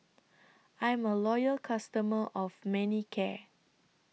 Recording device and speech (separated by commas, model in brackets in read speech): mobile phone (iPhone 6), read sentence